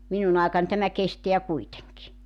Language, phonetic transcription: Finnish, 'minun ‿àekan tämä 'kesteä 'kuiteŋki .
- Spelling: minun aikani tämä kestää kuitenkin

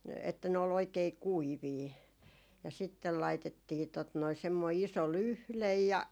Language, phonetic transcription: Finnish, että ne ol 'oikei "kuivii , ja 'sittel 'laitettii , tot noi semmoi 'iso "lyhlej ja ,.
- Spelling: että ne oli oikein kuivia ja sitten laitettiin tuota noin semmoinen iso lyhde ja

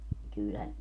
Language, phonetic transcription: Finnish, 'kyylhä , .
- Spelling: kyllähän

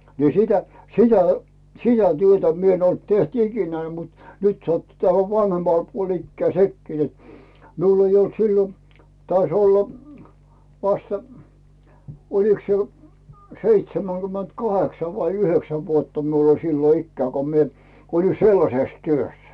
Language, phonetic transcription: Finnish, ni "sitä , "sitä , "sitä 'työtä mi ‿en olt 'teht "ikinää mut "nyt sattu tähä 'vanhemmal puol 'ikkää 'sekki net , 'miul ‿ei olt 'sillo , tais ‿oll , vastᴀ , oliks se , 'seitsemäŋGymment "kaheksa vai "yhöksä vuotta miul ‿oĺ sillo 'ikkää ko mie , olin "sellases 'työs .
- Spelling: niin sitä sitä sitä työtä minä en ollut tehnyt ikinä mutta nyt sattui tähän vanhemmalle puolelle ikää sekin että minulla ei ollut silloin taisi olla vasta olikos se seitsemänkymmentä kahdeksan vai yhdeksän vuotta minulla oli silloin ikää kun minä olin sellaisessa työssä

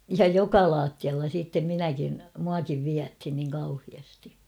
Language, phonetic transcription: Finnish, ja "joka 'laattialla siittem 'minäkin , muakiv 'viäthin niiŋ kauhiasti .
- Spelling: ja joka lattialla sitten minäkin minuakin vietiin niin kauheasti

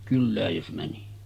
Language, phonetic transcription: Finnish, 'kyllääj jos mäni .
- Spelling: kylään jos meni

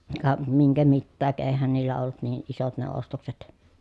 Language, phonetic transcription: Finnish, ka , miŋkä mittääk , eehän niillä ollut niiʼ ʼisot ne ostokset .
- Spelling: ka minkä mitäkin eihän niillä ollut niin isot ne ostokset

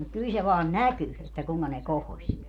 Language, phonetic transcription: Finnish, mut 'kyl se vaan "näky , että 'kuŋka ne 'kohoś .
- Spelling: mutta kyllä se vain näkyi että kuinka ne kohosi

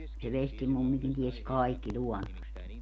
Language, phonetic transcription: Finnish, se 'vestimummikin 'ties "kaikki 'ĺuɔnnost .
- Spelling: se vestimummikin tiesi kaikki luonnosta

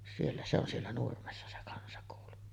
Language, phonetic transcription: Finnish, siellä se ‿on 'siellä 'Nurmessa se kansakòulu .
- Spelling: siellä se on siellä Nurmessa se kansakoulu

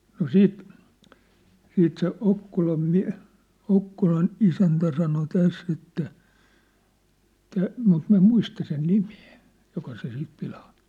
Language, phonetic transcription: Finnish, no "siit , 'siit se 'Okkolam miä̭- , "Okkolan "isäntä sano "täss ‿että , tä , mut 'miⁿ̬vä em "muista sen "nimᴇᴇ , 'joka se 'sip pilaaɴ(tᴜ) .
- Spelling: no sitten sitten se Okkolan - Okkolan isäntä sanoi tässä että - mutta minä en muista sen nimeä joka se siinä pilaantui

